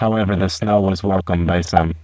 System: VC, spectral filtering